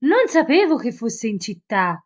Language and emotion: Italian, surprised